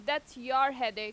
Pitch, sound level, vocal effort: 265 Hz, 94 dB SPL, loud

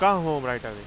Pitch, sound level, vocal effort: 135 Hz, 97 dB SPL, very loud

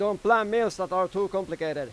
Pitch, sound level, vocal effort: 195 Hz, 99 dB SPL, very loud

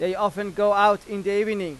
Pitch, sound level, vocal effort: 205 Hz, 97 dB SPL, loud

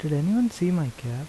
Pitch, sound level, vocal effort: 155 Hz, 80 dB SPL, soft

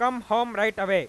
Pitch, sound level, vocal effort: 220 Hz, 103 dB SPL, very loud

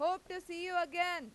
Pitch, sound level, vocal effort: 350 Hz, 101 dB SPL, very loud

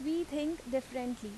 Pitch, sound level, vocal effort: 265 Hz, 83 dB SPL, loud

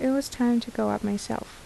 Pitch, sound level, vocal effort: 240 Hz, 76 dB SPL, soft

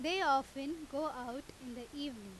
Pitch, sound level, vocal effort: 275 Hz, 93 dB SPL, very loud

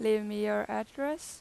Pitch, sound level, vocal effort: 215 Hz, 90 dB SPL, loud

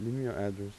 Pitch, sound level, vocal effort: 100 Hz, 85 dB SPL, soft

